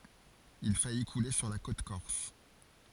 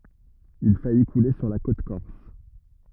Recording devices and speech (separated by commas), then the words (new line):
forehead accelerometer, rigid in-ear microphone, read sentence
Il faillit couler sur la côte corse.